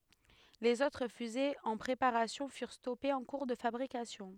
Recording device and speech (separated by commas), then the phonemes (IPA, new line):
headset microphone, read sentence
lez otʁ fyzez ɑ̃ pʁepaʁasjɔ̃ fyʁ stɔpez ɑ̃ kuʁ də fabʁikasjɔ̃